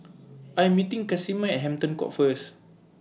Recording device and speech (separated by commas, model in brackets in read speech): mobile phone (iPhone 6), read sentence